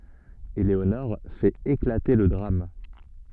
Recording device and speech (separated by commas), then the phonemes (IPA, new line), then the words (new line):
soft in-ear microphone, read sentence
eleonɔʁ fɛt eklate lə dʁam
Eléonore fait éclater le drame.